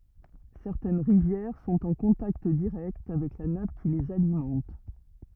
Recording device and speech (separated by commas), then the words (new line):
rigid in-ear microphone, read sentence
Certaines rivières sont en contact direct avec la nappe qui les alimente.